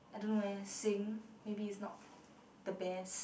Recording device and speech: boundary microphone, conversation in the same room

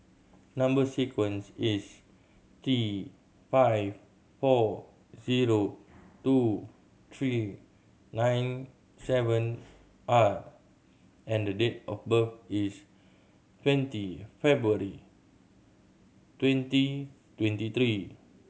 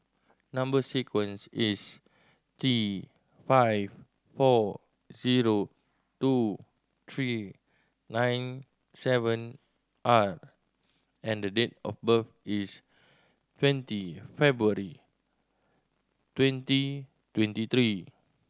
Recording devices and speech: mobile phone (Samsung C7100), standing microphone (AKG C214), read sentence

